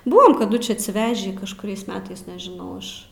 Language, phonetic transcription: Lithuanian, ˈbuvam kaˈdu či atsiˈvežį kažkuˈriais ˈmetais nežiˈnau iš

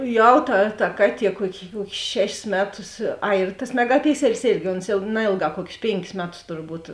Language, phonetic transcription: Lithuanian, ˈjau ta ta ˈkaˌtie ˈkuoki ˈkuokis ˈšešis ˈmeˌtus ˈai ir tas megaˈpikselis ˈėrgi ons ˈjau ˈnaėlˌgā ˈkuokis ˈpėnkis ˈmeˌtus turˈbūt

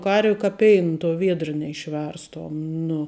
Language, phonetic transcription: Lithuanian, ˈkarvi ka ˈpein tuo ˈviedr neišˈverstom nu

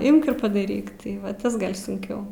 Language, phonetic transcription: Lithuanian, ˈimk ir padaˈryk tai ˈva ˈtas ˈgal' sunˈkiau

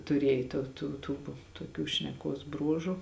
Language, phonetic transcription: Lithuanian, tuˈrėj to ˈtų ˈtų toˈkių šneˈkuos ˈbruožu

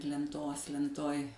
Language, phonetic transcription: Lithuanian, lenˈtos lenˈtoj

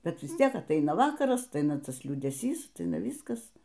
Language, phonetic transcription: Lithuanian, ˈbet ˈvis ˈtiek atˈaina ˈvakaras atˈaina ˈtas liūdeˈsys atˈaina ˈvyskas

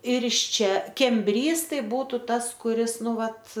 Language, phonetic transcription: Lithuanian, ir iš ˈčia kemˈbrys ˈtai ˈbūtu ˈtas kuˈris ˈnu ˈvat

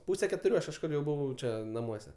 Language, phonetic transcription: Lithuanian, ˈpūse ketuˈrių ˈaš kažˈkur jau ˈbuvau ˈčia naˈmuose

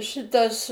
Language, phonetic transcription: Lithuanian, ˈšitas

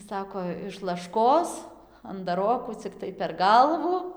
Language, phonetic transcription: Lithuanian, ˈsako iš lašˈkos andaˈrokų cikˈtai per ˈgalvu

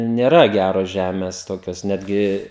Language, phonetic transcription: Lithuanian, nėˈra ˈgæros ˈžemės ˈtokios ˈnetgi

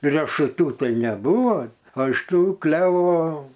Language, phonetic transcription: Lithuanian, rešuˈtų ˈtai neˈbūvo o iš ˈtų ˈklevo

